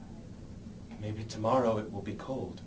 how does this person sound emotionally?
neutral